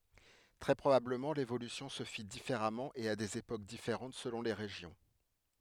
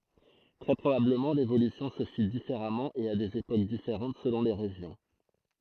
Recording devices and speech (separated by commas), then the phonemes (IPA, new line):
headset microphone, throat microphone, read sentence
tʁɛ pʁobabləmɑ̃ levolysjɔ̃ sə fi difeʁamɑ̃ e a dez epok difeʁɑ̃t səlɔ̃ le ʁeʒjɔ̃